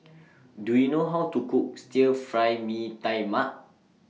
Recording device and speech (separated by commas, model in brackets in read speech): mobile phone (iPhone 6), read sentence